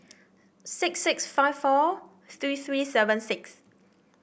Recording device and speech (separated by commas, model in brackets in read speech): boundary microphone (BM630), read sentence